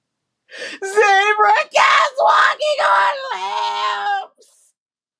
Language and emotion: English, sad